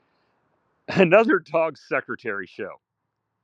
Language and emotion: English, happy